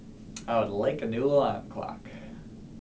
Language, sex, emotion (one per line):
English
male
neutral